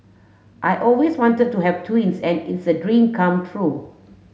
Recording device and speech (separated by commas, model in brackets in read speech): mobile phone (Samsung S8), read sentence